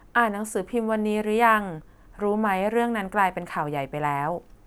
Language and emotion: Thai, neutral